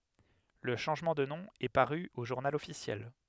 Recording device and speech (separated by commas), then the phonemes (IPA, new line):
headset microphone, read sentence
lə ʃɑ̃ʒmɑ̃ də nɔ̃ ɛ paʁy o ʒuʁnal ɔfisjɛl